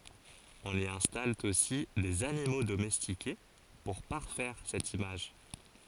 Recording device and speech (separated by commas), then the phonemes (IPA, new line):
forehead accelerometer, read sentence
ɔ̃n i ɛ̃stal osi dez animo domɛstike puʁ paʁfɛʁ sɛt imaʒ